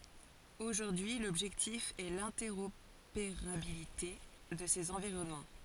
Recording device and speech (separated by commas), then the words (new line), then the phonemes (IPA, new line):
forehead accelerometer, read sentence
Aujourd'hui, l'objectif est l'interopérabilité de ces environnements.
oʒuʁdyi lɔbʒɛktif ɛ lɛ̃tɛʁopeʁabilite də sez ɑ̃viʁɔnmɑ̃